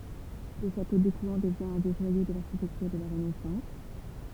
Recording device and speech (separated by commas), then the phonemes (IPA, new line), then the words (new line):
temple vibration pickup, read sentence
lə ʃato dekwɛ̃ dəvjɛ̃ œ̃ de ʒwajo də laʁʃitɛktyʁ də la ʁənɛsɑ̃s
Le château d'Écouen devient un des joyaux de l'architecture de la Renaissance.